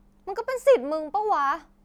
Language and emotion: Thai, angry